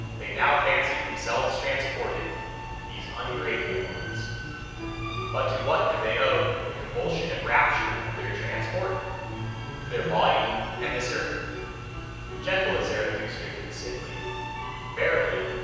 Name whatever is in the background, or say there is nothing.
Music.